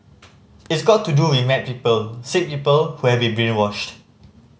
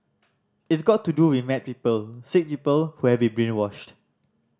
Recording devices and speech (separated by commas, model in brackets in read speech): mobile phone (Samsung C5010), standing microphone (AKG C214), read sentence